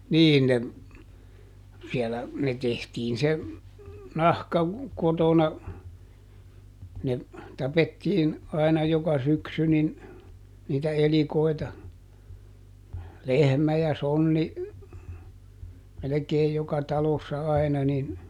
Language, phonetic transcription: Finnish, ˈniin ne , siɛlä , ˈne ˈtehtiin se , ˈnahka , ˈkotona , ne , ˈtapettiin , aina ˈjoka ˈsyksy nin , niitä ˈelikoi̮ta , "lehmä ja ˈsonni , melekeej ˈjoka ˈtalossa ˈai̮na nin ,.
- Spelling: niin ne siellä ne tehtiin se nahka kotona ne tapettiin aina joka syksy niin niitä elikoita lehmä ja sonni melkein joka talossa aina niin

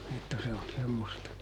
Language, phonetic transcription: Finnish, että se on ˈsemmosta .
- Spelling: että se on semmoista

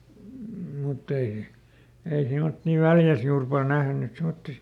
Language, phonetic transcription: Finnish, mutˈt ‿ei , ei ˈsemotti "Väljäs ˈjuur ˈpal "nähny , semotti .
- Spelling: mutta ei ei semmoisia Väljässä juuri paljon nähnyt semmoisia

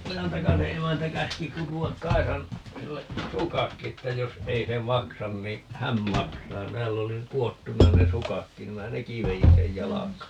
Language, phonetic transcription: Finnish, "Ojantakase 'emäntä 'käski 'kutu₍ak "Kaisan , 'sille , "sukakki että 'jos , 'ei se "maksan ni , "hän 'maksaa - 'tääll ‿oli , 'ku₍ottuna ne "sukakkin ni 'minä "neki 'vejin sej "jalakaa .
- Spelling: Ojantakasen emäntä käski kutoa Kaisan sille sukatkin että jos ei se maksa niin hän maksaa täällä oli kudottuna ne sukatkin niin minä nekin vedin sen jalkaan

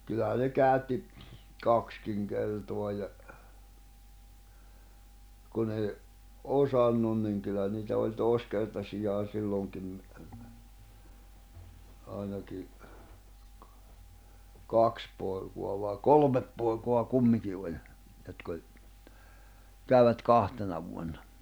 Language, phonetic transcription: Finnish, kyllähä ne 'käytti , 'kakskiŋ 'kertoa ja , kun ‿ei , 'osannun niŋ kyllä niitä oĺ 'tòi̬skertasijaan̬ 'silloŋkim , ài̬naki , 'kaks pòi̬ko̭a vai "kolmep pòi̬ko̭a 'kummiki oĺ , jotk ‿oĺ , 'käyvät 'kahtena vuonna .
- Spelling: kyllähän ne käytti kaksikin kertaa ja kun ei osannut niin kyllä niitä oli toiskertaisiakin silloinkin ainakin kaksi poikaa vai kolme poikaa kumminkin oli jotka oli kävivät kahtena vuonna

